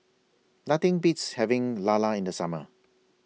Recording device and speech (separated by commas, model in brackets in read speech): mobile phone (iPhone 6), read sentence